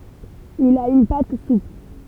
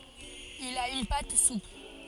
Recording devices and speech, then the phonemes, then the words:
temple vibration pickup, forehead accelerometer, read sentence
il a yn pat supl
Il a une pâte souple.

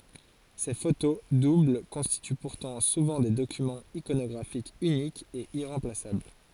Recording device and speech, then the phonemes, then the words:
forehead accelerometer, read sentence
se foto dubl kɔ̃stity puʁtɑ̃ suvɑ̃ de dokymɑ̃z ikonɔɡʁafikz ynikz e iʁɑ̃plasabl
Ces photos doubles constituent pourtant souvent des documents iconographiques uniques et irremplaçables.

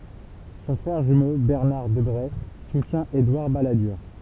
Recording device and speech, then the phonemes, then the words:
temple vibration pickup, read sentence
sɔ̃ fʁɛʁ ʒymo bɛʁnaʁ dəbʁe sutjɛ̃ edwaʁ baladyʁ
Son frère jumeau Bernard Debré soutient Édouard Balladur.

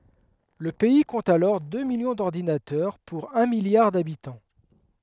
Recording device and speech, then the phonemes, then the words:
headset microphone, read sentence
lə pɛi kɔ̃t alɔʁ dø miljɔ̃ dɔʁdinatœʁ puʁ œ̃ miljaʁ dabitɑ̃
Le pays compte alors deux millions d'ordinateurs pour un milliard d'habitants.

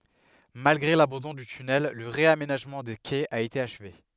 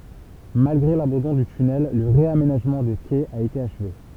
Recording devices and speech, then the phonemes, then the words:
headset microphone, temple vibration pickup, read sentence
malɡʁe labɑ̃dɔ̃ dy tynɛl lə ʁeamenaʒmɑ̃ de kɛz a ete aʃve
Malgré l'abandon du tunnel, le réaménagement des quais a été achevé.

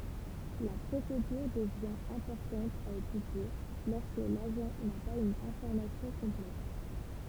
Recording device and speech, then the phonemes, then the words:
temple vibration pickup, read sentence
la pʁosedyʁ dəvjɛ̃ ɛ̃pɔʁtɑ̃t a etydje lɔʁskə laʒɑ̃ na paz yn ɛ̃fɔʁmasjɔ̃ kɔ̃plɛt
La procédure devient importante à étudier lorsque l'agent n'a pas une information complète.

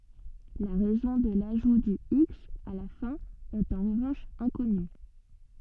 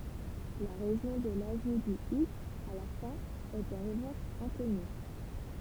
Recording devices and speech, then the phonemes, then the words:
soft in-ear microphone, temple vibration pickup, read sentence
la ʁɛzɔ̃ də laʒu dy iks a la fɛ̃ ɛt ɑ̃ ʁəvɑ̃ʃ ɛ̃kɔny
La raison de l'ajout du x à la fin est en revanche inconnue.

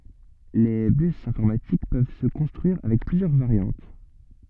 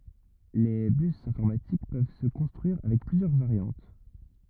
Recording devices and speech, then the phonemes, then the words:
soft in-ear microphone, rigid in-ear microphone, read sentence
le bys ɛ̃fɔʁmatik pøv sə kɔ̃stʁyiʁ avɛk plyzjœʁ vaʁjɑ̃t
Les bus informatiques peuvent se construire avec plusieurs variantes.

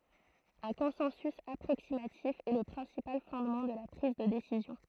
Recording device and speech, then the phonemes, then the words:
throat microphone, read sentence
œ̃ kɔ̃sɑ̃sy apʁoksimatif ɛ lə pʁɛ̃sipal fɔ̃dmɑ̃ də la pʁiz də desizjɔ̃
Un consensus approximatif est le principal fondement de la prise de décision.

